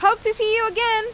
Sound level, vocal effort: 98 dB SPL, very loud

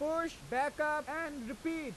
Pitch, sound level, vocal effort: 300 Hz, 98 dB SPL, very loud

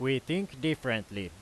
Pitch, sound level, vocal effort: 130 Hz, 92 dB SPL, very loud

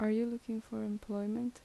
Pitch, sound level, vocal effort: 220 Hz, 77 dB SPL, soft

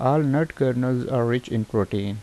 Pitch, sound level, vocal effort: 125 Hz, 80 dB SPL, normal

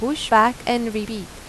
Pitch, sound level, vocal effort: 230 Hz, 88 dB SPL, normal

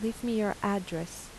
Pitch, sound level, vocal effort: 200 Hz, 81 dB SPL, soft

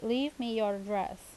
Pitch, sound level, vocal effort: 225 Hz, 83 dB SPL, normal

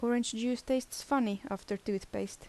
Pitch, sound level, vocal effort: 235 Hz, 77 dB SPL, soft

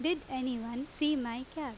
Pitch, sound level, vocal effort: 265 Hz, 87 dB SPL, loud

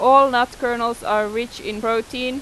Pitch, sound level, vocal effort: 240 Hz, 93 dB SPL, loud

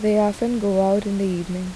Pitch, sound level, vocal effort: 200 Hz, 79 dB SPL, soft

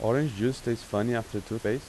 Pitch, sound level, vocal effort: 115 Hz, 86 dB SPL, normal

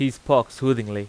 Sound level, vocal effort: 91 dB SPL, very loud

